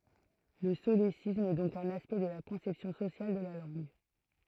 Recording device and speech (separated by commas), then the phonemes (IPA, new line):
throat microphone, read sentence
lə solesism ɛ dɔ̃k œ̃n aspɛkt də la kɔ̃sɛpsjɔ̃ sosjal də la lɑ̃ɡ